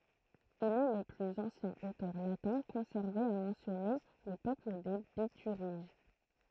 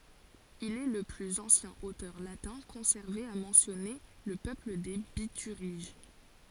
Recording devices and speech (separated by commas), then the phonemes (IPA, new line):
throat microphone, forehead accelerometer, read sentence
il ɛ lə plyz ɑ̃sjɛ̃ otœʁ latɛ̃ kɔ̃sɛʁve a mɑ̃sjɔne lə pøpl de bityʁiʒ